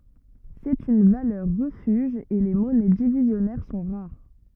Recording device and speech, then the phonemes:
rigid in-ear microphone, read sentence
sɛt yn valœʁ ʁəfyʒ e le mɔnɛ divizjɔnɛʁ sɔ̃ ʁaʁ

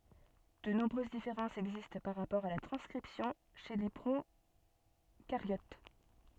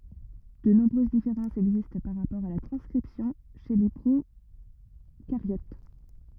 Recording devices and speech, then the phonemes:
soft in-ear microphone, rigid in-ear microphone, read sentence
də nɔ̃bʁøz difeʁɑ̃sz ɛɡzist paʁ ʁapɔʁ a la tʁɑ̃skʁipsjɔ̃ ʃe le pʁokaʁjot

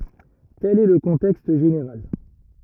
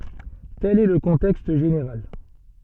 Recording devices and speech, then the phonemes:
rigid in-ear microphone, soft in-ear microphone, read sentence
tɛl ɛ lə kɔ̃tɛkst ʒeneʁal

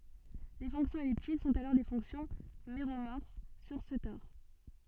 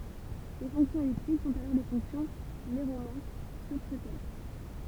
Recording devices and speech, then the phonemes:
soft in-ear microphone, temple vibration pickup, read sentence
le fɔ̃ksjɔ̃z ɛliptik sɔ̃t alɔʁ le fɔ̃ksjɔ̃ meʁomɔʁf syʁ sə tɔʁ

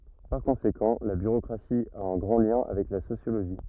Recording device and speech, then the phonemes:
rigid in-ear microphone, read sentence
paʁ kɔ̃sekɑ̃ la byʁokʁasi a œ̃ ɡʁɑ̃ ljɛ̃ avɛk la sosjoloʒi

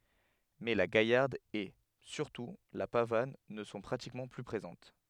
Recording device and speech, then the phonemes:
headset microphone, read sentence
mɛ la ɡajaʁd e syʁtu la pavan nə sɔ̃ pʁatikmɑ̃ ply pʁezɑ̃t

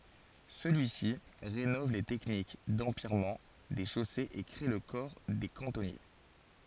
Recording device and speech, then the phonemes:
forehead accelerometer, read sentence
səlyi si ʁenɔv le tɛknik dɑ̃pjɛʁmɑ̃ de ʃosez e kʁe lə kɔʁ de kɑ̃tɔnje

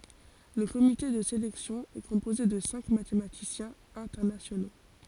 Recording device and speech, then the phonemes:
forehead accelerometer, read sentence
lə komite də selɛksjɔ̃ ɛ kɔ̃poze də sɛ̃k matematisjɛ̃z ɛ̃tɛʁnasjono

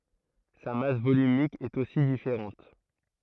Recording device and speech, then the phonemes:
throat microphone, read sentence
sa mas volymik ɛt osi difeʁɑ̃t

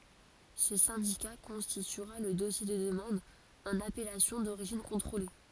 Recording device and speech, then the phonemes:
forehead accelerometer, read sentence
sə sɛ̃dika kɔ̃stityʁa lə dɔsje də dəmɑ̃d ɑ̃n apɛlasjɔ̃ doʁiʒin kɔ̃tʁole

